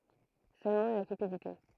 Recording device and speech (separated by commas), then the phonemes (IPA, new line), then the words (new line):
throat microphone, read sentence
sølmɑ̃ la kypidite
Seulement la cupidité.